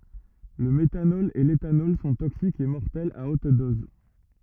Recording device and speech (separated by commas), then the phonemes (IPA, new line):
rigid in-ear microphone, read sentence
lə metanɔl e letanɔl sɔ̃ toksikz e mɔʁtɛlz a ot dɔz